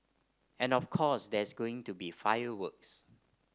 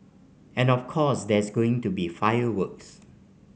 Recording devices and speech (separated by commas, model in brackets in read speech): standing microphone (AKG C214), mobile phone (Samsung C5), read sentence